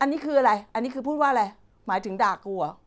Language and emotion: Thai, frustrated